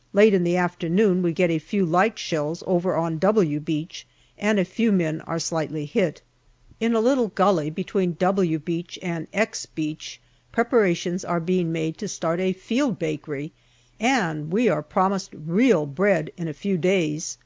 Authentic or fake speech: authentic